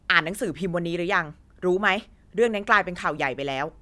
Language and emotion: Thai, neutral